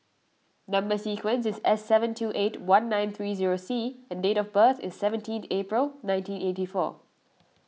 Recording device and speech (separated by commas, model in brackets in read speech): mobile phone (iPhone 6), read sentence